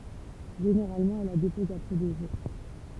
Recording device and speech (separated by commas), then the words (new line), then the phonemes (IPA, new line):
temple vibration pickup, read sentence
Généralement, elle la dépose après deux jours.
ʒeneʁalmɑ̃ ɛl la depɔz apʁɛ dø ʒuʁ